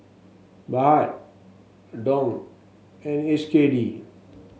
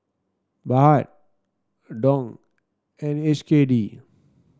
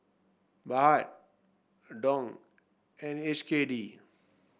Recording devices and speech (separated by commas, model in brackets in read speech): mobile phone (Samsung S8), standing microphone (AKG C214), boundary microphone (BM630), read sentence